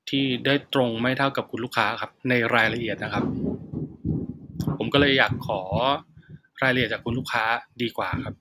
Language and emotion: Thai, frustrated